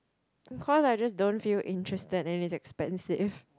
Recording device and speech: close-talking microphone, conversation in the same room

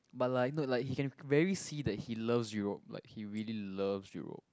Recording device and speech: close-talking microphone, conversation in the same room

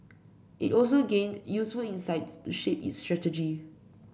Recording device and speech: boundary microphone (BM630), read sentence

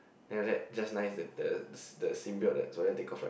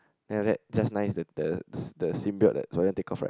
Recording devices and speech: boundary microphone, close-talking microphone, conversation in the same room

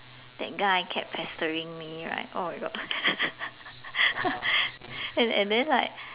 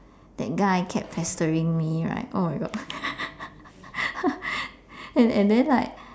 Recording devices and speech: telephone, standing microphone, conversation in separate rooms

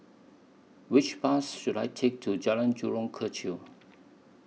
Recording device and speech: mobile phone (iPhone 6), read sentence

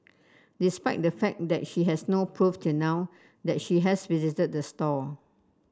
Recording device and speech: standing microphone (AKG C214), read sentence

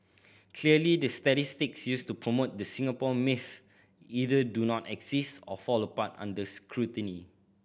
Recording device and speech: boundary microphone (BM630), read sentence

